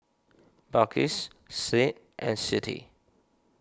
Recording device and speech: standing microphone (AKG C214), read sentence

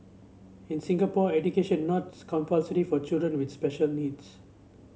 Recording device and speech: mobile phone (Samsung C7), read sentence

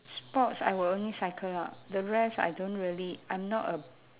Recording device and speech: telephone, conversation in separate rooms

